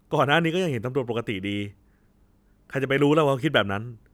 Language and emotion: Thai, frustrated